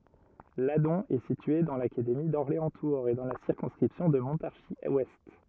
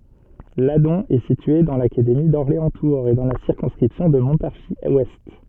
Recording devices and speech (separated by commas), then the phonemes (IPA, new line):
rigid in-ear microphone, soft in-ear microphone, read sentence
ladɔ̃ ɛ sitye dɑ̃ lakademi dɔʁleɑ̃stuʁz e dɑ̃ la siʁkɔ̃skʁipsjɔ̃ də mɔ̃taʁʒizwɛst